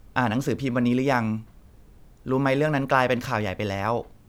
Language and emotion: Thai, neutral